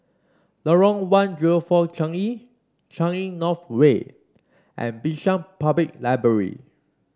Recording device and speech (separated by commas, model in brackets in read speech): standing microphone (AKG C214), read sentence